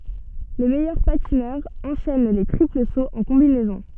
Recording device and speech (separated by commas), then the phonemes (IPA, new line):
soft in-ear microphone, read sentence
le mɛjœʁ patinœʁz ɑ̃ʃɛn le tʁipl soz ɑ̃ kɔ̃binɛzɔ̃